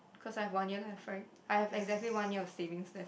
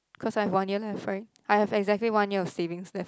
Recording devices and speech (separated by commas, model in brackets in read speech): boundary microphone, close-talking microphone, conversation in the same room